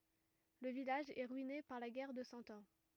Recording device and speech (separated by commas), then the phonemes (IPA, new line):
rigid in-ear microphone, read sentence
lə vilaʒ ɛ ʁyine paʁ la ɡɛʁ də sɑ̃ ɑ̃